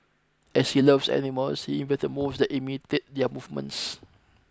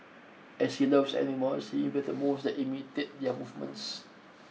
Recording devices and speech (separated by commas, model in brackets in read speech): close-talking microphone (WH20), mobile phone (iPhone 6), read sentence